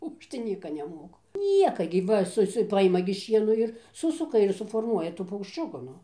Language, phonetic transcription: Lithuanian, o ˈaš tai ˈnieka neˈmoku ˈnieka gi ˈva ˈsu ˈsu ˈpaima gi ˈšieno ir ˈsusuka ir suforˈmuoja ˈtų paukšˈčiuku ˈnu

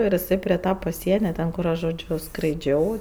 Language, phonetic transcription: Lithuanian, ir iˈsai pri ˈta paˈsienia ˈten kur ˈaš žoˈdžiu skraiˈdžiau

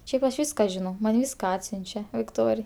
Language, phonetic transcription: Lithuanian, ˈšiaip aš ˈvyska žiˈnau man ˈvyska ˈatsiunčia vikˈtorij

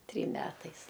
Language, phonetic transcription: Lithuanian, ˈtrym ˈmetais

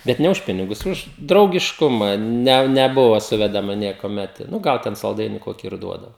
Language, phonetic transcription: Lithuanian, bet ˈne už ˈpinigus ˈuž draugišˈkuma ˈne neˈbuva ˈsuvedama niekuoˈmet nu ˈgal ten salˈdaini ˈkoki ir ˈduodavo

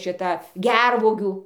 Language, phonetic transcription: Lithuanian, šiˈta ˈgervuogių

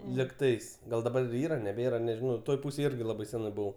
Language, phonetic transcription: Lithuanian, ligˈtais ˈgal daˈbar ˈyra neˈbėra nežiˈnau ˈtoj ˈpūsėj ˈirgi ˈlabai ˈsenai ˈbuvau

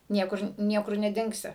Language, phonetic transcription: Lithuanian, ˈniekur ˈniekur neˈdingsi

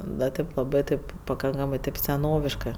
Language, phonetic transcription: Lithuanian, da ˈtaip laˈbɜ taip paˈkankamɜ taip seˈnoviškɜ

